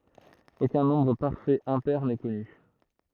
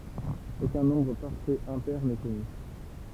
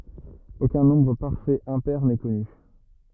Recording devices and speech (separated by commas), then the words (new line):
throat microphone, temple vibration pickup, rigid in-ear microphone, read sentence
Aucun nombre parfait impair n'est connu.